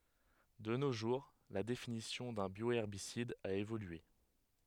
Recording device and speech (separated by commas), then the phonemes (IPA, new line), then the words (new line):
headset microphone, read sentence
də no ʒuʁ la definisjɔ̃ dœ̃ bjoɛʁbisid a evolye
De nos jours, la définition d’un bioherbicide a évolué.